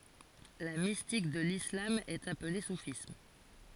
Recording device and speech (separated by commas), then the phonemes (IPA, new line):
forehead accelerometer, read sentence
la mistik də lislam ɛt aple sufism